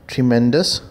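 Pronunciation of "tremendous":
'Tremendous' is pronounced correctly here.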